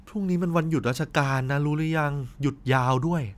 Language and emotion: Thai, neutral